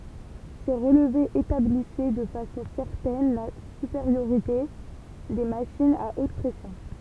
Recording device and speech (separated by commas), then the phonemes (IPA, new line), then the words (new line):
temple vibration pickup, read sentence
se ʁəlvez etablisɛ də fasɔ̃ sɛʁtɛn la sypeʁjoʁite de maʃinz a ot pʁɛsjɔ̃
Ces relevés établissaient de façon certaine la supériorité des machines à haute pression.